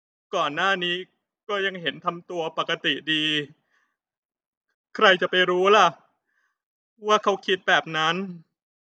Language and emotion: Thai, sad